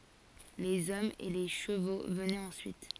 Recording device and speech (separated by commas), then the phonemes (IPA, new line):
forehead accelerometer, read sentence
lez ɔmz e le ʃəvo vənɛt ɑ̃syit